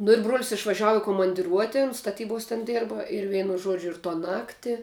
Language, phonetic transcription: Lithuanian, nu ir bruol's' išvaˈžiavu i komandiˈruotin staˈtybos ten ˈdėrba ir ˈveinu ˈžuodžiu ir to ˈnakti

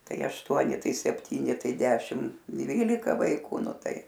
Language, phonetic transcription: Lithuanian, ˈtai ašˈtuoni ˈtai sepˈtyni ˈtai ˈdešim ˈdvylika vaiˈku ˈnu ˈtai

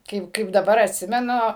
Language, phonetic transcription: Lithuanian, ˈkaip kaip daˈbar atˈsimenu

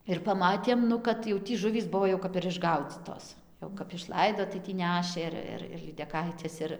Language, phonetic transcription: Lithuanian, ir paˈmatėm ˈnu kad jau ˈtį ˈžuvys ˈbuvo jau kap ir išˈgaudzytos jau kap išˈlaido tai tį ˈnešė ir ˈir ir lydeˈkaites ˈir

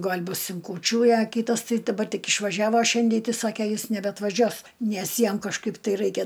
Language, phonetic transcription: Lithuanian, ˈgal' ˈbus in kūˈčių i a ˈkytas ˈtai daˈbar ˈtik išvaˈžiavo ˈšiandei ˈtai ˈsake ˈjis nebeatvaˈžiuos ˈnes ˈjam kažˈkaip tai ˈraikia

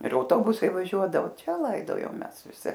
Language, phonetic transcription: Lithuanian, ir auˈtobusai vaˈžiuodavo ˈčia ˈlaidojom ˈmes viˈsi

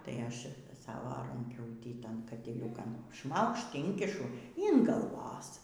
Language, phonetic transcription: Lithuanian, ˈtai ˈaš ˈsavo ranˈkiūtį ˈtan katiˈliūkan ˈšmaukšt ˈinkišu yn galˈvos

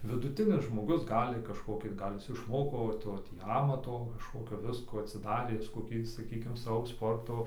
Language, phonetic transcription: Lithuanian, viduˈtinis žmoˈgus ˈgali kažˈkokį ˈgal' ˈjis išˈmoko va ˈto ˈtį ˈamato kažˈkokio ˈviskų atsiˈdarė ˈjis koˈkį saˈkykim ˈsavo ˈsporto

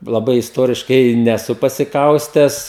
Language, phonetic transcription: Lithuanian, laˈbai isˈtoriškai neˈsu pasiˈkaustęs

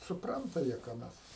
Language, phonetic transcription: Lithuanian, suˈpranta ˈjie ką ˈmes

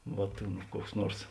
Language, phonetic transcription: Lithuanian, ˈvot ˈkuoks ˈnuors

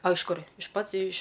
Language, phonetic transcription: Lithuanian, a iš ˈkur' iš ˈpat iš

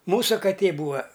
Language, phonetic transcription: Lithuanian, ˈmūsu kaˈtė ˈbūa

